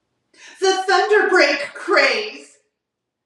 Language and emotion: English, fearful